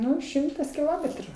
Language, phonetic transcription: Lithuanian, ˈnu ˈšimtas kiˈlometru

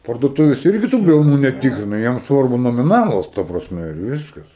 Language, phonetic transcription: Lithuanian, parduoˈtuvės ˈirgi tu briauˈnų neˈtikrina ˈjiem ˈsvarbu nomiˈnalas ˈta prasˈme ir ˈviskas

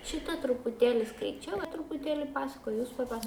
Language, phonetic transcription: Lithuanian, ˈšita trupuˈtėli skaiˈčiau trupuˈtėli ˈpasakoj jūs paˈpas

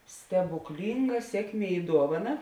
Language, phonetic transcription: Lithuanian, stebukˈlynga ˈsiekˌmie i ˈduovaˌna

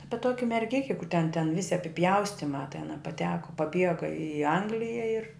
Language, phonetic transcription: Lithuanian, ˈapi ˈtoki merˈgiki kur ten ten ˈvisi apiˈpjaustimā ten a paˈteko paˈbiega i ˈanglija ir

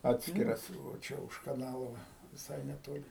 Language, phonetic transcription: Lithuanian, ˈatskiras va ˈčia už kaˈnalo ˈva viˈsai neˈtoli

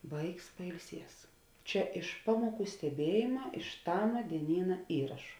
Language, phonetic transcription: Lithuanian, ˈvaiks pailˈsies ˈčia iš ˈpamuoˌkų steˈbiejėma iš ˈtama dieˈnyna ˈįrašu

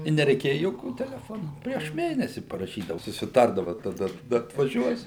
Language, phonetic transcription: Lithuanian, i nereiˈkėja joˈkių teleˈfonų prieš ˈmėnesi paraˈšydau susiˈtardava taˈda taˈda atvaˈžiuos

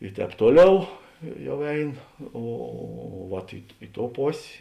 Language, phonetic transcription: Lithuanian, i ˈtēp ˈtuoˌliau i ˈjau ˈein ˈo o vat i ˈi ˌtou ˈpos'

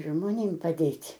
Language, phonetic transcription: Lithuanian, žmoˈnėm paˈdėt'

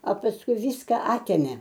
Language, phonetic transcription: Lithuanian, a pasˈkui ˈvyska ˈatėmė

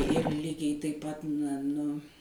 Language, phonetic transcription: Lithuanian, ir ˈlygiai taip ˈpat na nu

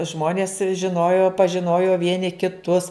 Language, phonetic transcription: Lithuanian, ˈžmonės žiˈnojo pažiˈnojo ˈvieni kiˈtus

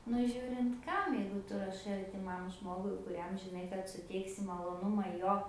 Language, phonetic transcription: Lithuanian, nu ˈžiūrint ˈkam jeigu ˈtu raˈšai artiˈmam ˈžmogui kuˈriam žiˈnai kad suˈteiksi maloˈnuma ˈjo

